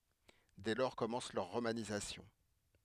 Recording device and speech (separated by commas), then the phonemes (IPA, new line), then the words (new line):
headset microphone, read sentence
dɛ lɔʁ kɔmɑ̃s lœʁ ʁomanizasjɔ̃
Dès lors commence leur romanisation.